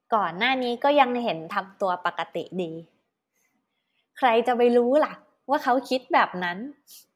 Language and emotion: Thai, happy